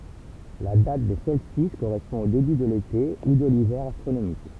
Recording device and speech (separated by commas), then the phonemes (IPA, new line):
temple vibration pickup, read sentence
la dat de sɔlstis koʁɛspɔ̃ o deby də lete u də livɛʁ astʁonomik